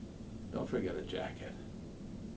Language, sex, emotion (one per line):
English
male
neutral